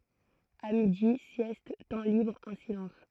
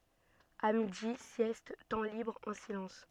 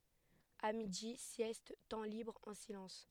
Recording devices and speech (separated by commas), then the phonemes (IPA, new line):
throat microphone, soft in-ear microphone, headset microphone, read sentence
a midi sjɛst tɑ̃ libʁ ɑ̃ silɑ̃s